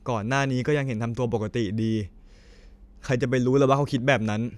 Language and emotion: Thai, sad